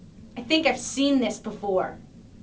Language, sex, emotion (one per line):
English
female
angry